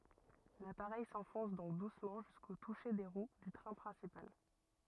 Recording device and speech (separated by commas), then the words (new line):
rigid in-ear microphone, read sentence
L'appareil s'enfonce donc doucement jusqu'au touché des roues du train principal.